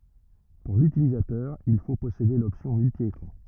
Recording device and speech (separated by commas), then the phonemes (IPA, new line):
rigid in-ear microphone, read sentence
puʁ lytilizatœʁ il fo pɔsede lɔpsjɔ̃ myltjekʁɑ̃